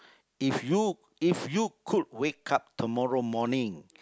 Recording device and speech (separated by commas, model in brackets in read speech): close-talking microphone, conversation in the same room